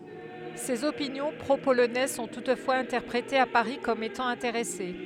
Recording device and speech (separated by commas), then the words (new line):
headset microphone, read sentence
Ses opinions pro-polonaises sont toutefois interprétées à Paris comme étant intéressées.